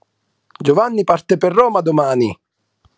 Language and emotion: Italian, happy